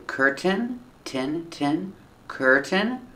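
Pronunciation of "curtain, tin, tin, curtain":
'Curtain' is pronounced correctly here, and its second syllable is not stressed.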